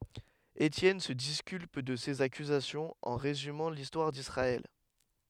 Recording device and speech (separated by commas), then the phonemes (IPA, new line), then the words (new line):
headset microphone, read sentence
etjɛn sə diskylp də sez akyzasjɔ̃z ɑ̃ ʁezymɑ̃ listwaʁ disʁaɛl
Étienne se disculpe de ces accusations en résumant l’histoire d’Israël.